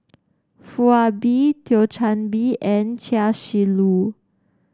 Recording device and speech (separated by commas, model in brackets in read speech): standing microphone (AKG C214), read sentence